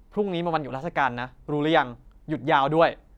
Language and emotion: Thai, frustrated